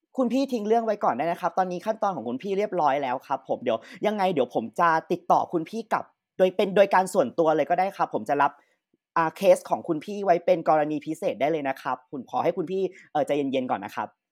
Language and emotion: Thai, neutral